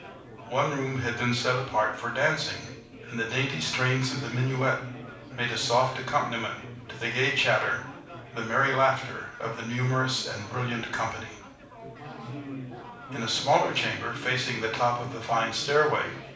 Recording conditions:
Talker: one person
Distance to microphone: 5.8 m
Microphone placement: far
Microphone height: 1.8 m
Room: medium-sized (5.7 m by 4.0 m)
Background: babble

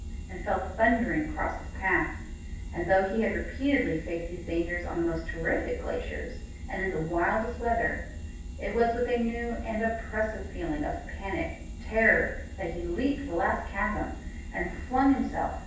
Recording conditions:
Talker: one person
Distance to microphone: 9.8 m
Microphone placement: far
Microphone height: 1.8 m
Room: large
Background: none

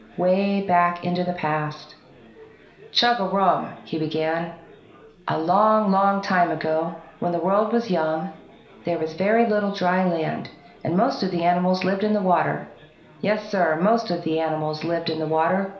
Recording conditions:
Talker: one person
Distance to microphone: 1.0 m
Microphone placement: close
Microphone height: 1.1 m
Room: small (3.7 m by 2.7 m)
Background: babble

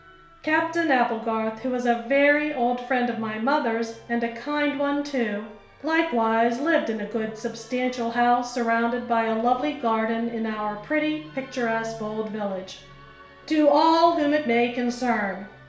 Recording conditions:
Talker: one person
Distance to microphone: 1.0 m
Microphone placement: close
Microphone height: 1.1 m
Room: small (3.7 m by 2.7 m)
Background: music

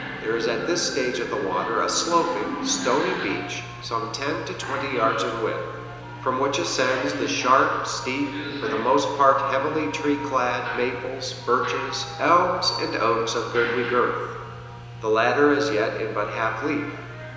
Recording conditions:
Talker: one person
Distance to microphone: 1.7 m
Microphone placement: close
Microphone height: 1.0 m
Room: very reverberant, large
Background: television

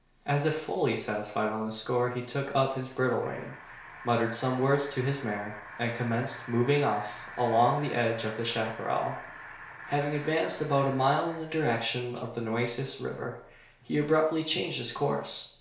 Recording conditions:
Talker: one person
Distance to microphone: 1.0 m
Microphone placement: close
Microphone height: 1.1 m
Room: small (3.7 m by 2.7 m)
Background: television

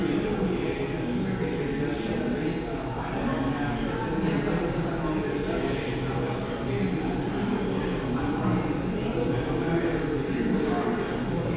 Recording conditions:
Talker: no one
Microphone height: 76 cm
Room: very reverberant, large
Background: babble

